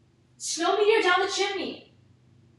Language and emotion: English, fearful